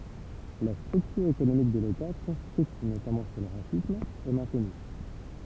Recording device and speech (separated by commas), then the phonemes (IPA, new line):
temple vibration pickup, read sentence
la stʁyktyʁ ekonomik də leta kɔ̃stʁyit notamɑ̃ syʁ lə ʁasism ɛ mɛ̃tny